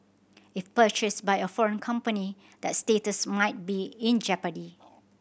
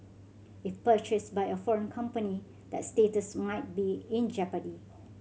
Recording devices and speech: boundary microphone (BM630), mobile phone (Samsung C7100), read sentence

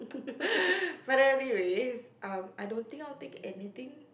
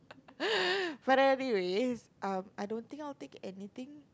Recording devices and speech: boundary microphone, close-talking microphone, conversation in the same room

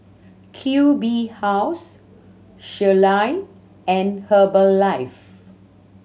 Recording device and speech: mobile phone (Samsung C7100), read sentence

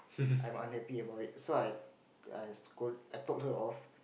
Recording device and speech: boundary microphone, conversation in the same room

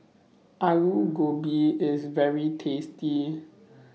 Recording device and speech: mobile phone (iPhone 6), read sentence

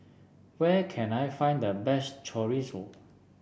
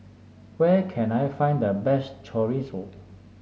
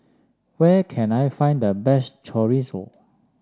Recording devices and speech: boundary microphone (BM630), mobile phone (Samsung S8), standing microphone (AKG C214), read sentence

